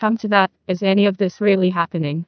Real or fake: fake